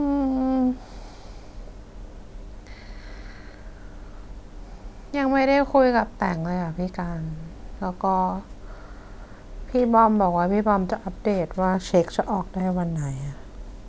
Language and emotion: Thai, sad